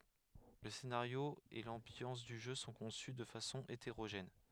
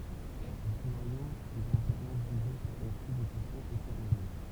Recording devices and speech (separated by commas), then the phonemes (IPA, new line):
headset microphone, temple vibration pickup, read sentence
lə senaʁjo e lɑ̃bjɑ̃s dy ʒø sɔ̃ kɔ̃sy də fasɔ̃ eteʁoʒɛn